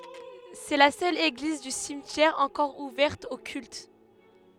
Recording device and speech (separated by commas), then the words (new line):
headset microphone, read sentence
C'est la seule église du cimetière encore ouverte au culte.